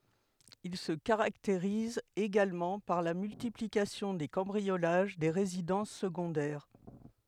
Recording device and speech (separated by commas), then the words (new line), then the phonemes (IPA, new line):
headset microphone, read sentence
Il se caractérise également par la multiplication des cambriolages des résidences secondaires.
il sə kaʁakteʁiz eɡalmɑ̃ paʁ la myltiplikasjɔ̃ de kɑ̃bʁiolaʒ de ʁezidɑ̃s səɡɔ̃dɛʁ